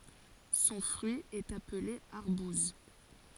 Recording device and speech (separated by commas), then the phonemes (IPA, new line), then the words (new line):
forehead accelerometer, read sentence
sɔ̃ fʁyi ɛt aple aʁbuz
Son fruit est appelé arbouse.